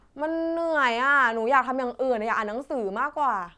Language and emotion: Thai, frustrated